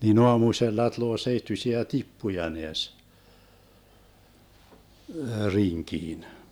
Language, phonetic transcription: Finnish, nin 'oamusella tᵘloo 'seittysiä "tippuja 'neäs , 'riŋkiin .
- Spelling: niin aamusella tulee seittyisiä tippuja näes rinkiin

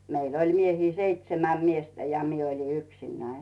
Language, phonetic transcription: Finnish, 'meil ‿'oĺ 'miehii "seitsemäm 'miestä ja 'mie ‿oĺi "yksinnäiɴ .
- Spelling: meillä oli miehiä seitsemän miestä ja minä olin yksinäni

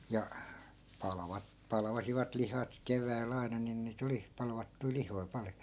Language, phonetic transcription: Finnish, ja , 'palᵃva- , 'palvasivat 'lihat 'kevääl̆'l ‿ai̮na nin nii't ‿oli , palvattui 'lihoi̮ 'pal(jo) .
- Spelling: ja - palvasivat lihat keväällä aina niin niitä oli palvattuja lihoja paljon

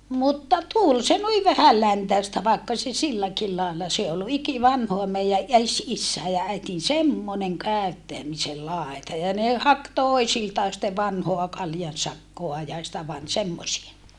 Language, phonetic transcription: Finnish, mutta tul se nui vähälläntä̀estä vàekka se silläkil laella se ol ikivanhoa meijä ʼes issäe ja -äitin semmoneŋ kä̀öttämisel làeta ja ne hak toisiltaa sⁱtte vanhoa kaljansakkoa ja sitä van - semmosie .
- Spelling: mutta tuli se noin vähäläntäistä vaikka se silläkin lailla se oli ikivanhaa meidän esi- isien ja äidin semmoinen käyttämisen laita ja ne haki toisiltaan sitten vanhaa kaljansakkaa ja sitä - semmoisia

